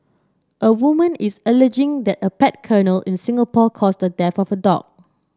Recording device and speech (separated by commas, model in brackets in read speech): standing microphone (AKG C214), read sentence